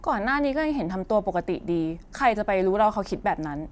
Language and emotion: Thai, frustrated